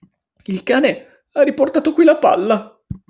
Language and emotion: Italian, disgusted